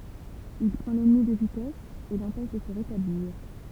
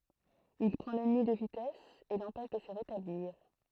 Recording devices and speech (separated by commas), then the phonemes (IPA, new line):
temple vibration pickup, throat microphone, read sentence
il pʁɑ̃ lɛnmi də vitɛs e lɑ̃pɛʃ də sə ʁetabliʁ